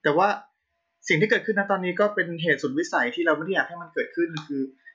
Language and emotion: Thai, frustrated